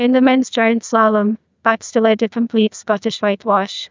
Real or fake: fake